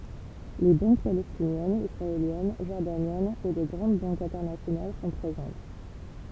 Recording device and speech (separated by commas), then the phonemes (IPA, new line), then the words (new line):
temple vibration pickup, read sentence
le bɑ̃k palɛstinjɛnz isʁaeljɛn ʒɔʁdanjɛnz e de ɡʁɑ̃d bɑ̃kz ɛ̃tɛʁnasjonal sɔ̃ pʁezɑ̃t
Les banques palestiniennes, israéliennes, jordaniennes et des grandes banques internationales sont présentes.